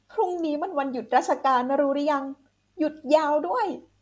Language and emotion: Thai, happy